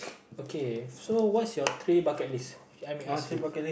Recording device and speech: boundary microphone, conversation in the same room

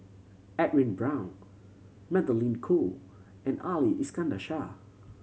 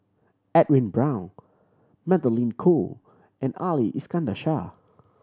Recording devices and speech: mobile phone (Samsung C7100), standing microphone (AKG C214), read sentence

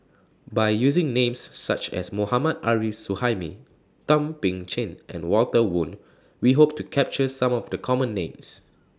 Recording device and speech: standing microphone (AKG C214), read sentence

